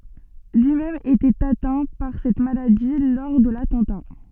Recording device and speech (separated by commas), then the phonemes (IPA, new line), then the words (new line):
soft in-ear microphone, read sentence
lyi mɛm etɛt atɛ̃ paʁ sɛt maladi lɔʁ də latɑ̃ta
Lui-même était atteint par cette maladie lors de l'attentat.